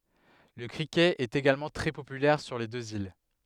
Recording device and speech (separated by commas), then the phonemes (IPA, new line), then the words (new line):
headset microphone, read sentence
lə kʁikɛt ɛt eɡalmɑ̃ tʁɛ popylɛʁ syʁ le døz il
Le cricket est également très populaire sur les deux îles.